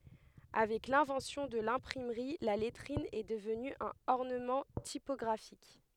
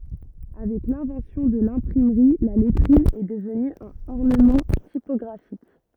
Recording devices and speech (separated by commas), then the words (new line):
headset microphone, rigid in-ear microphone, read sentence
Avec l'invention de l'imprimerie, la lettrine est devenue un ornement typographique.